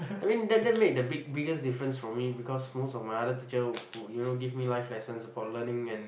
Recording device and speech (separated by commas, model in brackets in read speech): boundary microphone, conversation in the same room